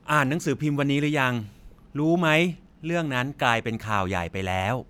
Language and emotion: Thai, neutral